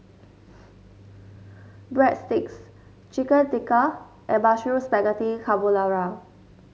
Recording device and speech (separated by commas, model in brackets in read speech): mobile phone (Samsung S8), read sentence